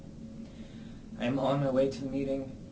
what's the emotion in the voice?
neutral